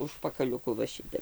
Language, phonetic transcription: Lithuanian, užpakaliuˈku va ˈšitep

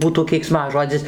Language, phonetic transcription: Lithuanian, ˈbūtų keikˈsmažodzis

